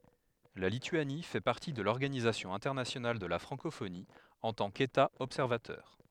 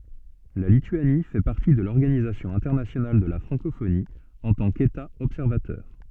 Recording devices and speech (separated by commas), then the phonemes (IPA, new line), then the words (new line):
headset microphone, soft in-ear microphone, read sentence
la lityani fɛ paʁti də lɔʁɡanizasjɔ̃ ɛ̃tɛʁnasjonal də la fʁɑ̃kofoni ɑ̃ tɑ̃ keta ɔbsɛʁvatœʁ
La Lituanie fait partie de l'Organisation internationale de la francophonie en tant qu'État observateur.